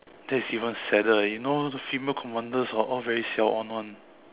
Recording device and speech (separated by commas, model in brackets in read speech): telephone, conversation in separate rooms